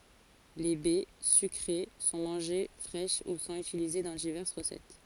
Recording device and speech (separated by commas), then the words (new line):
forehead accelerometer, read sentence
Les baies, sucrées, sont mangées fraîches ou sont utilisées dans diverses recettes.